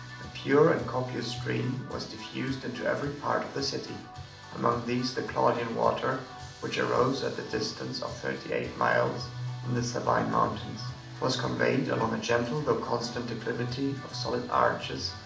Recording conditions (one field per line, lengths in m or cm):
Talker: one person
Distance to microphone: 2.0 m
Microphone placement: close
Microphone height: 99 cm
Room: medium-sized (5.7 m by 4.0 m)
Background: music